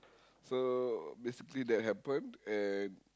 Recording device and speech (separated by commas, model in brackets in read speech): close-talking microphone, conversation in the same room